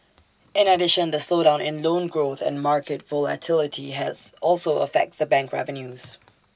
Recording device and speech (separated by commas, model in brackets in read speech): standing microphone (AKG C214), read sentence